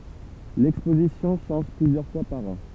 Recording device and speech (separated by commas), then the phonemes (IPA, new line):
temple vibration pickup, read sentence
lɛkspozisjɔ̃ ʃɑ̃ʒ plyzjœʁ fwa paʁ ɑ̃